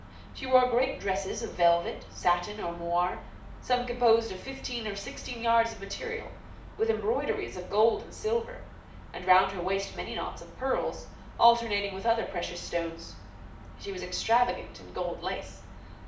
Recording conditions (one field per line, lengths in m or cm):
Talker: one person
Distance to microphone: 2.0 m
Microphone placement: close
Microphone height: 99 cm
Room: medium-sized (5.7 m by 4.0 m)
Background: none